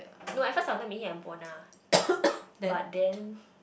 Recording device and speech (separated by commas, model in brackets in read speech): boundary microphone, conversation in the same room